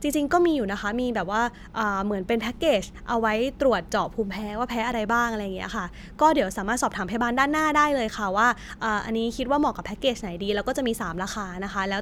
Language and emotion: Thai, neutral